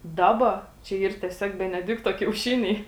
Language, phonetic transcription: Lithuanian, ˈdaba čia ˈyr tieˈsiog beneˈdikto kiauˈšiniai

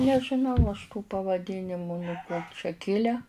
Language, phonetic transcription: Lithuanian, nežiˈnau aš tų pavaˈdinimu nuo ˈko čia ˈkile

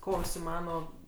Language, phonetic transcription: Lithuanian, ˈko užsiˈmano

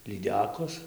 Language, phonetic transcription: Lithuanian, lyˈdekos

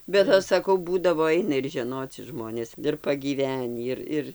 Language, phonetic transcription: Lithuanian, bet ˈaš saˈkau ˈbūdavo ˈaina ir žeˈnoci ˈžmonės ir pagyˈvenį ir ˈir

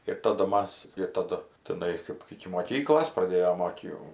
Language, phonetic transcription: Lithuanian, ir ˈtadu ˈmas ir ˈtadu tiˈnai kaip iki moˈkyklos praˈdėjom ˈot jau

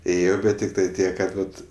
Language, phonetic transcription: Lithuanian, ˈėjo ˈbet tiktai ˈtiek kad ˈvat

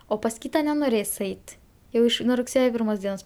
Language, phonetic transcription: Lithuanian, o pas ˈkyta nenoˈrės ˈeit jau ˈiš nuo rugˈsėjo ˈpirmos ˈdienos

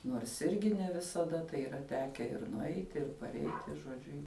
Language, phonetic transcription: Lithuanian, ˈnuors ˈirgi ne visaˈda tai yˈra ˈteke ir nuˈeiti ir parˈeiti žoˈdžiu

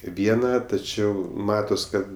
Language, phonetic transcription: Lithuanian, ˈviena taˈčiau ˈmatos ˈkad

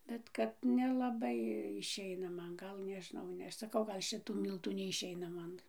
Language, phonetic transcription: Lithuanian, ˈbet ˈkad nelaˈbai išˈeina ˈman ˈgal nežiˈnau ˈne ˈaš saˈkau gal ˈšitų ˈmyltų neišˈeina ˈman

